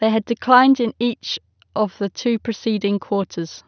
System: none